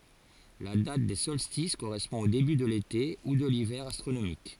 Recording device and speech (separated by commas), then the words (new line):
forehead accelerometer, read sentence
La date des solstices correspond au début de l'été ou de l'hiver astronomique.